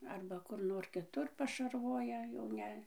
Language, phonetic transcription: Lithuanian, ˈarba ˈkur ˈnor kiˈtur pašarˈvoja jau ˈne

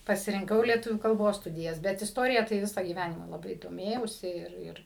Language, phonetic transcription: Lithuanian, pasirinˈkau lieˈtuvių kalˈbos ˈstudijas ˈbet isˈtorija tai ˈvisa gyˈvænima laˈbai doˈmėjausi ˈir ˈir

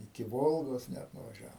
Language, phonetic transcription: Lithuanian, iki ˈvolgos ˈnæt nuvaˈžiavom

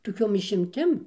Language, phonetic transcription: Lithuanian, toˈkiom išimˈtim

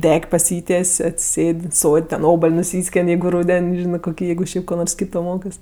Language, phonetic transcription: Lithuanian, ˈdek' paˈsyties' atsiˈsėd' ˈsod' ten ˈobal' nuˈsyskėn' ˈjeigu ˈrūden' ˈžinɜ koˈkį ˈjeigu ˈšiaip ko ˈnors ˈkyto ˈmokɜs

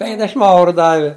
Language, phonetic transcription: Lithuanian, ˈpenkdešim ˈauru ˈdavi

